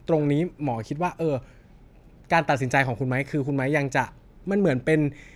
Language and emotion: Thai, frustrated